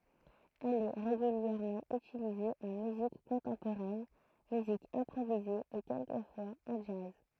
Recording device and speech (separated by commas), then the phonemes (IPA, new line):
throat microphone, read sentence
ɛl ɛ ʁeɡyljɛʁmɑ̃ ytilize ɑ̃ myzik kɔ̃tɑ̃poʁɛn myzik ɛ̃pʁovize e kɛlkəfwaz ɑ̃ dʒaz